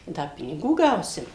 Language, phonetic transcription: Lithuanian, ˈda piniˈgų ˈgausim

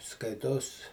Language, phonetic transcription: Lithuanian, ˈskaitos

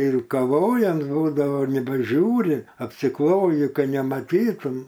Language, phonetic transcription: Lithuanian, ˈtai ir kaˈvojams ˈbūdavo nebeˈžiūri apsiˈkloji ˈka nemaˈtytum

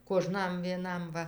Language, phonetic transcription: Lithuanian, koˈžnam vieˈnam ˈva

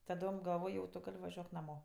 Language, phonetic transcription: Lithuanian, taˈdom galˈvoj jau tu ˈgal' vaˈžiuok naˈmo

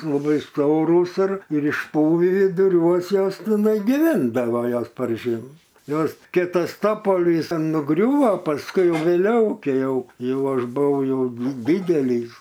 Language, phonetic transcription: Lithuanian, laˈbai ˈstorūs ir ir išˈpuvį viduˈriuos ˈjos tiˈnai giˈvindavo ˈjos par ˈžiemo ˈjos ˈkė ˈtas ˈtopolys an nuˈgriūvo pasˈkui ˈjau vėˈliau ˈkei ˈjau ˈjau ˈaš buˈvau ˈjau di ˈdydelys

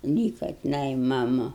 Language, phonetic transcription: Lithuanian, ˈlyka tiˈnai maˈmu

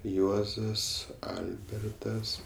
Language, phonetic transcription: Lithuanian, ˈjuozas ˈalbertas

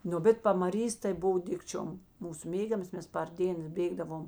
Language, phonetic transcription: Lithuanian, ˈnu bet pamaˈrys tai ˈbuv ˈdikčiom ˈmūsu ˈmėgiamas ˈmes par ˈdėns ˈbėgdavom

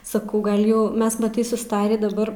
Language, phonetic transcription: Lithuanian, saˈkau ˈgal ˈjau ˈmes maˈtai susˈtarį daˈbar

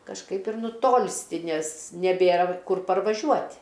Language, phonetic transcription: Lithuanian, kažˈkaip ir nuˈtolsti ˈnes neˈbėra ˈkur parvaˈžiuot'

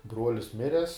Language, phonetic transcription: Lithuanian, ˈbruolis ˈmires

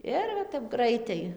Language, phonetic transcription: Lithuanian, ˈir va tep ˈgraitai

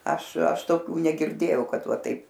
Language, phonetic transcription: Lithuanian, ˈaš ˈaš toˈkių negirˈdėjau ˈkad ˈva ˈtaip

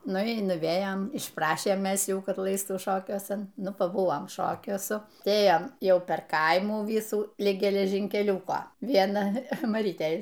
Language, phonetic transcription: Lithuanian, ˈnu y nuˈvėjam išˈprašėm ˈmes ˈjų ˈkad ˈlaistų ˈšokiuosan ˈnu paˈbuvom ˈšokiuosu ˈtai ˈėjam ˈjau per ˈkaimų ˈvysų ˈlig geležynkeˈliūko ˈviena maˈrytei

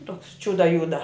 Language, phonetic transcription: Lithuanian, toks ˈčiuda ˈjuda

